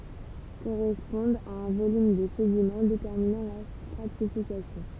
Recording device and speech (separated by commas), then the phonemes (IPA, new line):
temple vibration pickup, read sentence
koʁɛspɔ̃dt a œ̃ volym də sedimɑ̃ detɛʁminɑ̃ la stʁatifikasjɔ̃